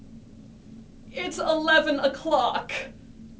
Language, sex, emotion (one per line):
English
female
disgusted